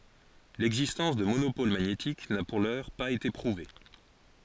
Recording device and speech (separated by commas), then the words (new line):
forehead accelerometer, read sentence
L'existence de monopôles magnétiques n'a pour l'heure pas été prouvée.